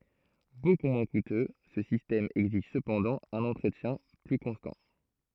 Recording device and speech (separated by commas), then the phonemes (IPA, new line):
throat microphone, read sentence
boku mwɛ̃ kutø sə sistɛm ɛɡziʒ səpɑ̃dɑ̃ œ̃n ɑ̃tʁətjɛ̃ ply kɔ̃stɑ̃